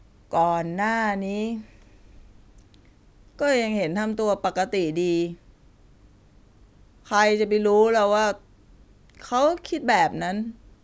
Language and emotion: Thai, frustrated